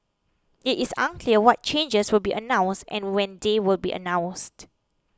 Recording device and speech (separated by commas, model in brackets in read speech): close-talking microphone (WH20), read sentence